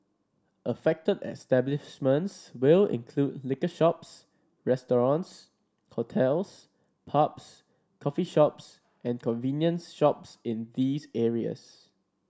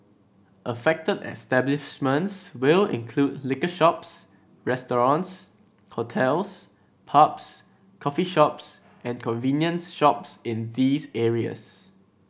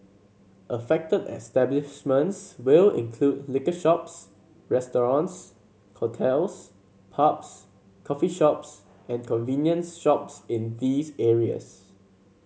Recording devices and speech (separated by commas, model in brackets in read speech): standing microphone (AKG C214), boundary microphone (BM630), mobile phone (Samsung C7), read sentence